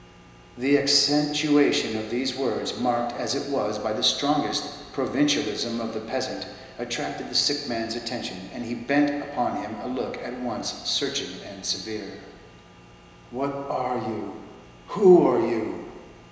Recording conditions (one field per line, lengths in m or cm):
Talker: one person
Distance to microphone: 1.7 m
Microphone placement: close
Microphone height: 1.0 m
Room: very reverberant, large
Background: none